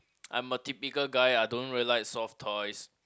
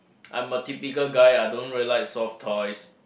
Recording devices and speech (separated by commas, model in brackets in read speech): close-talking microphone, boundary microphone, conversation in the same room